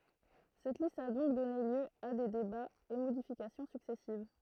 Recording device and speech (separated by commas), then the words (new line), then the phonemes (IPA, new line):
throat microphone, read sentence
Cette liste a donc donné lieu a des débats et modifications successives.
sɛt list a dɔ̃k dɔne ljø a de debaz e modifikasjɔ̃ syksɛsiv